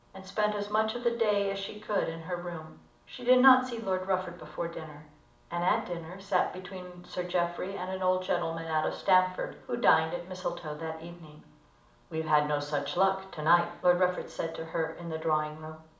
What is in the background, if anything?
Nothing.